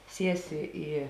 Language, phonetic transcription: Lithuanian, ˈsiesi ˈį

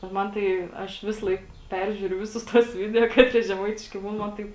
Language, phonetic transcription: Lithuanian, ˈman tai ˈaš ˈvisalaik ˈperžiūriu ˈvisus tuos ˈvideo ˈkatrie žeˈmaitiški ˈbūn man ˈtaip

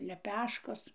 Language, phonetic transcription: Lithuanian, leˈpeškos

